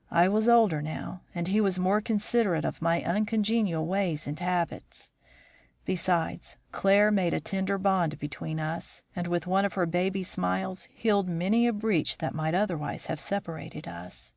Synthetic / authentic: authentic